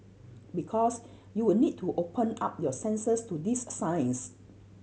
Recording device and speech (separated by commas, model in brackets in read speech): mobile phone (Samsung C7100), read sentence